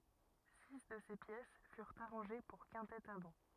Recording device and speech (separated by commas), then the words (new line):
rigid in-ear microphone, read sentence
Six de ces pièces furent arrangées pour quintette à vent.